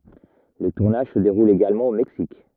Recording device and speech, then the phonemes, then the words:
rigid in-ear microphone, read sentence
lə tuʁnaʒ sə deʁul eɡalmɑ̃ o mɛksik
Le tournage se déroule également au Mexique.

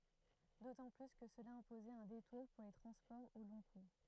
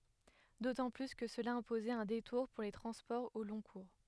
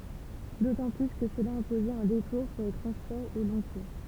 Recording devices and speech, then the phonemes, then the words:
throat microphone, headset microphone, temple vibration pickup, read sentence
dotɑ̃ ply kə səla ɛ̃pozɛt œ̃ detuʁ puʁ le tʁɑ̃spɔʁz o lɔ̃ kuʁ
D'autant plus que cela imposait un détour pour les transports au long cours.

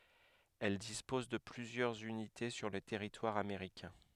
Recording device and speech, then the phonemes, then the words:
headset microphone, read sentence
ɛl dispɔz də plyzjœʁz ynite syʁ lə tɛʁitwaʁ ameʁikɛ̃
Elle dispose de plusieurs unités sur le territoire américain.

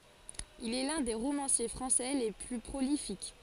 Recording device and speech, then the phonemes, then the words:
forehead accelerometer, read sentence
il ɛ lœ̃ de ʁomɑ̃sje fʁɑ̃sɛ le ply pʁolifik
Il est l'un des romanciers français les plus prolifiques.

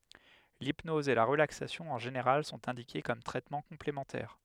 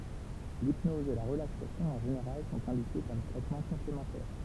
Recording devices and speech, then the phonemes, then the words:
headset microphone, temple vibration pickup, read sentence
lipnɔz e la ʁəlaksasjɔ̃ ɑ̃ ʒeneʁal sɔ̃t ɛ̃dike kɔm tʁɛtmɑ̃ kɔ̃plemɑ̃tɛʁ
L'hypnose et la relaxation en général sont indiquées comme traitement complémentaire.

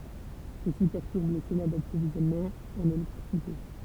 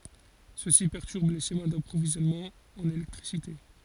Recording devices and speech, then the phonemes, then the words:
temple vibration pickup, forehead accelerometer, read sentence
səsi pɛʁtyʁb le ʃema dapʁovizjɔnmɑ̃z ɑ̃n elɛktʁisite
Ceci perturbe les schémas d'approvisionnements en électricité.

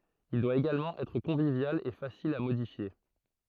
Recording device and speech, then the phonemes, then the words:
throat microphone, read sentence
il dwa eɡalmɑ̃ ɛtʁ kɔ̃vivjal e fasil a modifje
Il doit également être convivial et facile à modifier.

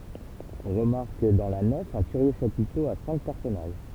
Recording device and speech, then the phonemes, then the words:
temple vibration pickup, read sentence
ɔ̃ ʁəmaʁk dɑ̃ la nɛf œ̃ kyʁjø ʃapito a sɛ̃k pɛʁsɔnaʒ
On remarque dans la nef un curieux chapiteau à cinq personnages.

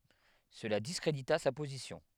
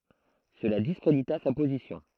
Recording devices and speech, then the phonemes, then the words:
headset microphone, throat microphone, read sentence
səla diskʁedita sa pozisjɔ̃
Cela discrédita sa position.

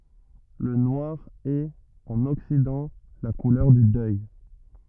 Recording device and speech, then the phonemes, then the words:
rigid in-ear microphone, read sentence
lə nwaʁ ɛt ɑ̃n ɔksidɑ̃ la kulœʁ dy dœj
Le noir est, en Occident, la couleur du deuil.

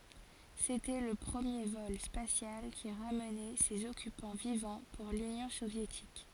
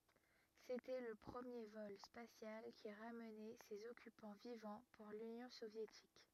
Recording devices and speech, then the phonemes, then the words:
forehead accelerometer, rigid in-ear microphone, read sentence
setɛ lə pʁəmje vɔl spasjal ki ʁamnɛ sez ɔkypɑ̃ vivɑ̃ puʁ lynjɔ̃ sovjetik
C'était le premier vol spatial qui ramenait ses occupants vivants pour l'union soviétique.

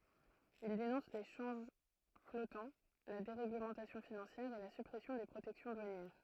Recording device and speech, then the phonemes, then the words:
throat microphone, read sentence
il denɔ̃s le ʃɑ̃ʒ flɔtɑ̃ la deʁeɡləmɑ̃tasjɔ̃ finɑ̃sjɛʁ e la sypʁɛsjɔ̃ de pʁotɛksjɔ̃ dwanjɛʁ
Il dénonce les changes flottants, la déréglementation financière, et la suppression des protections douanières.

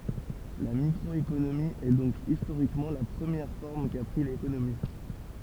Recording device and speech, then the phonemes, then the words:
temple vibration pickup, read sentence
la mikʁɔekonomi ɛ dɔ̃k istoʁikmɑ̃ la pʁəmjɛʁ fɔʁm ka pʁi lekonomi
La microéconomie est donc historiquement la première forme qu'a pris l'économie.

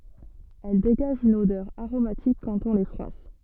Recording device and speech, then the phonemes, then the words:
soft in-ear microphone, read sentence
ɛl deɡaʒt yn odœʁ aʁomatik kɑ̃t ɔ̃ le fʁwas
Elles dégagent une odeur aromatique quand on les froisse.

